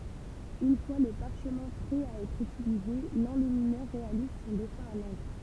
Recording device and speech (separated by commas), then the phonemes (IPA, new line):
temple vibration pickup, read sentence
yn fwa lə paʁʃmɛ̃ pʁɛ a ɛtʁ ytilize lɑ̃lyminœʁ ʁealiz sɔ̃ dɛsɛ̃ a lɑ̃kʁ